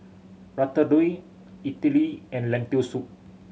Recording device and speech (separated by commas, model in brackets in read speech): mobile phone (Samsung C7100), read sentence